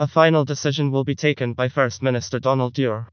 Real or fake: fake